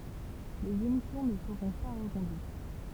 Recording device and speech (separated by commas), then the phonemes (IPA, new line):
temple vibration pickup, read sentence
lez emisjɔ̃ nə səʁɔ̃ pa ʁəkɔ̃dyit